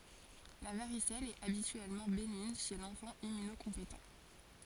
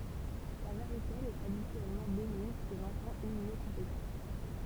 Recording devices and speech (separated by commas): forehead accelerometer, temple vibration pickup, read sentence